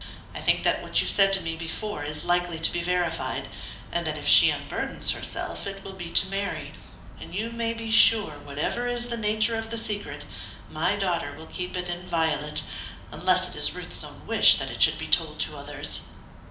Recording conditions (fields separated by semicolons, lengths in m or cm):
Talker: one person; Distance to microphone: 2.0 m; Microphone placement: close; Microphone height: 99 cm; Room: medium-sized (5.7 m by 4.0 m); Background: none